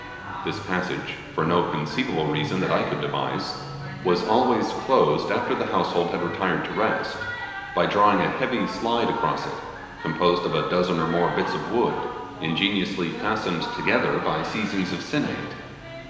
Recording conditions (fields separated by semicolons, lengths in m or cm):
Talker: one person; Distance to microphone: 1.7 m; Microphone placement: close; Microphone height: 1.0 m; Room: very reverberant, large; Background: television